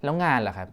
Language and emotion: Thai, frustrated